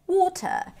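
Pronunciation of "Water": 'Water' is said in a British accent: the t is closer to a regular t, and the r is not pronounced.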